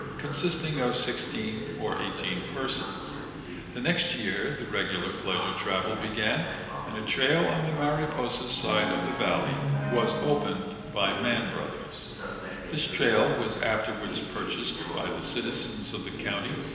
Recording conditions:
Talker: one person; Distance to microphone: 1.7 m; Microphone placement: close; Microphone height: 1.0 m; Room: very reverberant, large; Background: television

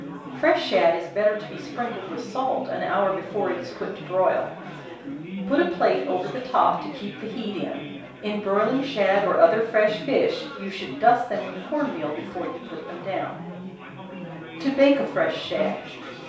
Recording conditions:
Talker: one person; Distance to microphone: 3.0 m; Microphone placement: far; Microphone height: 1.8 m; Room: small (3.7 m by 2.7 m); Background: babble

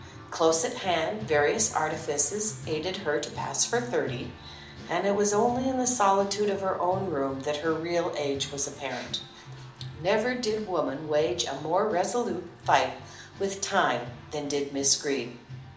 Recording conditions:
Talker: one person; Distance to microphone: 2.0 m; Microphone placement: close; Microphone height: 99 cm; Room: medium-sized (5.7 m by 4.0 m); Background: music

